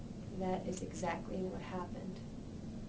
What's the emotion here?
sad